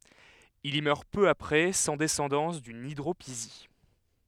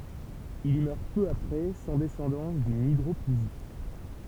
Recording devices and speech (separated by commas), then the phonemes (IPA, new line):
headset microphone, temple vibration pickup, read sentence
il i mœʁ pø apʁɛ sɑ̃ dɛsɑ̃dɑ̃s dyn idʁopizi